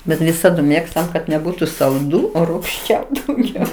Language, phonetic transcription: Lithuanian, ˈbet viˈsadu ˈmėgstam kad neˈbūtu salˈdū o rūgˈščiaū dauˈgiau

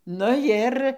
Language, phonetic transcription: Lithuanian, nu ˈjir

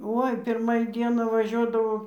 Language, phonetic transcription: Lithuanian, ˈoi ˈpirma į ˈdieną vaˈžiuodavo

